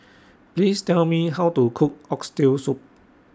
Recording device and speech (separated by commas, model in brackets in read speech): standing microphone (AKG C214), read sentence